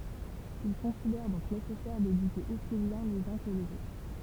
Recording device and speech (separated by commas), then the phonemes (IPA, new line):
temple vibration pickup, read sentence
il kɔ̃sidɛʁ dɔ̃k nesɛsɛʁ dedyke osi bjɛ̃ lez œ̃ kə lez otʁ